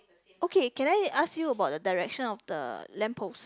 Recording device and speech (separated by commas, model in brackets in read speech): close-talking microphone, conversation in the same room